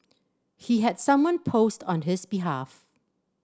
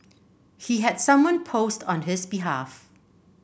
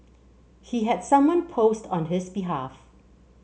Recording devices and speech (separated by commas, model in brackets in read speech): standing microphone (AKG C214), boundary microphone (BM630), mobile phone (Samsung C7), read sentence